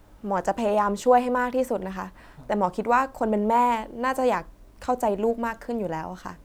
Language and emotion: Thai, neutral